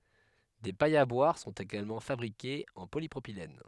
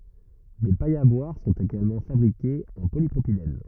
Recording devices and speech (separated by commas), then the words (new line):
headset microphone, rigid in-ear microphone, read sentence
Des pailles à boire sont également fabriquées en polypropylène.